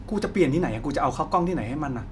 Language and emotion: Thai, frustrated